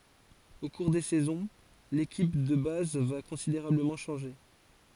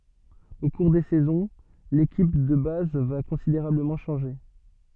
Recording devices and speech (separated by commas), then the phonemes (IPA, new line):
forehead accelerometer, soft in-ear microphone, read sentence
o kuʁ de sɛzɔ̃ lekip də baz va kɔ̃sideʁabləmɑ̃ ʃɑ̃ʒe